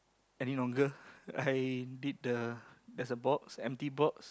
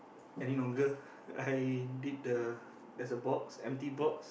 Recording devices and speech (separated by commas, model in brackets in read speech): close-talking microphone, boundary microphone, conversation in the same room